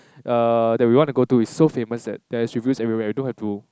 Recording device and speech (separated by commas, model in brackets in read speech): close-talking microphone, conversation in the same room